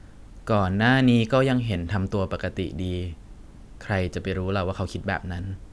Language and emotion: Thai, neutral